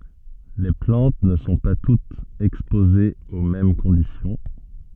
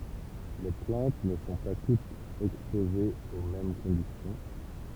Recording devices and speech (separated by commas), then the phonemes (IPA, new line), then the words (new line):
soft in-ear microphone, temple vibration pickup, read sentence
le plɑ̃t nə sɔ̃ pa tutz ɛkspozez o mɛm kɔ̃disjɔ̃
Les plantes ne sont pas toutes exposées aux mêmes conditions.